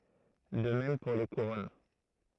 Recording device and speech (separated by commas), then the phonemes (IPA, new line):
throat microphone, read sentence
də mɛm puʁ le kuʁɔn